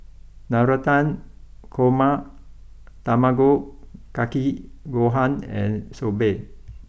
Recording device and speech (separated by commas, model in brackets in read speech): boundary microphone (BM630), read sentence